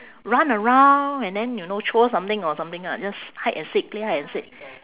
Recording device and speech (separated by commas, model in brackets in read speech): telephone, conversation in separate rooms